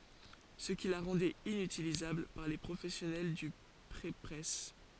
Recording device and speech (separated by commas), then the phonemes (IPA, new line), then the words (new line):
forehead accelerometer, read sentence
sə ki la ʁɑ̃dɛt inytilizabl paʁ le pʁofɛsjɔnɛl dy pʁepʁɛs
Ce qui la rendait inutilisable par les professionnels du prépresse.